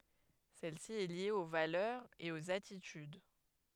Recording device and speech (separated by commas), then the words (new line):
headset microphone, read sentence
Celle-ci est liée aux valeurs et aux attitudes.